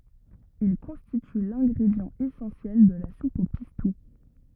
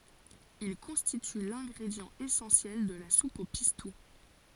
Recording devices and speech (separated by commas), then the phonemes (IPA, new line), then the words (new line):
rigid in-ear microphone, forehead accelerometer, read sentence
il kɔ̃stity lɛ̃ɡʁedjɑ̃ esɑ̃sjɛl də la sup o pistu
Il constitue l'ingrédient essentiel de la soupe au pistou.